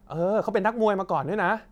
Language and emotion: Thai, happy